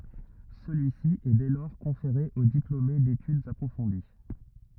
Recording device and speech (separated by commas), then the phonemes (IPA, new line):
rigid in-ear microphone, read sentence
səlyisi ɛ dɛ lɔʁ kɔ̃feʁe o diplome detydz apʁofɔ̃di